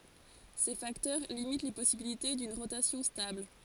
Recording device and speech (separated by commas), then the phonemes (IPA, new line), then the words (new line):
forehead accelerometer, read sentence
se faktœʁ limit le pɔsibilite dyn ʁotasjɔ̃ stabl
Ces facteurs limitent les possibilités d'une rotation stable.